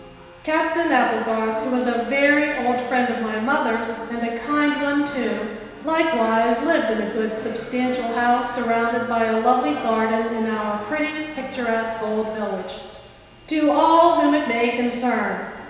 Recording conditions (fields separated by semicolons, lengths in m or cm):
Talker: one person; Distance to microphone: 1.7 m; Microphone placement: close; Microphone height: 1.0 m; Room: very reverberant, large; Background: television